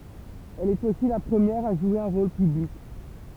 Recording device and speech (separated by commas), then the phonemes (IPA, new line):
temple vibration pickup, read sentence
ɛl ɛt osi la pʁəmjɛʁ a ʒwe œ̃ ʁol pyblik